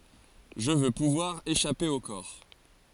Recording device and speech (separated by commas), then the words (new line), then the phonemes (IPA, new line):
forehead accelerometer, read sentence
Je veux pouvoir échapper au corps.
ʒə vø puvwaʁ eʃape o kɔʁ